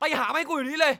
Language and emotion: Thai, angry